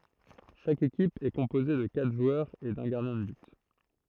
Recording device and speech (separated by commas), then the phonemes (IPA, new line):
throat microphone, read sentence
ʃak ekip ɛ kɔ̃poze də katʁ ʒwœʁz e dœ̃ ɡaʁdjɛ̃ də byt